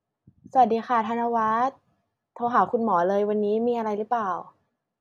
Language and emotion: Thai, neutral